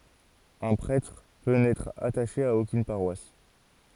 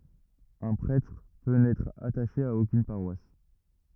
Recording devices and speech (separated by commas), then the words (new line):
forehead accelerometer, rigid in-ear microphone, read sentence
Un prêtre peut n'être attaché à aucune paroisse.